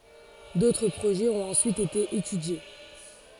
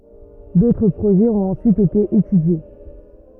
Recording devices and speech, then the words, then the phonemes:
forehead accelerometer, rigid in-ear microphone, read sentence
D'autres projets ont ensuite été étudiés.
dotʁ pʁoʒɛz ɔ̃t ɑ̃syit ete etydje

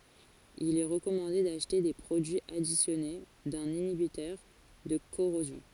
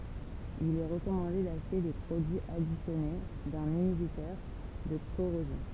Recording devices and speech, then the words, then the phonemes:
forehead accelerometer, temple vibration pickup, read sentence
Il est recommandé d’acheter des produits additionnés d’un inhibiteur de corrosion.
il ɛ ʁəkɔmɑ̃de daʃte de pʁodyiz adisjɔne dœ̃n inibitœʁ də koʁozjɔ̃

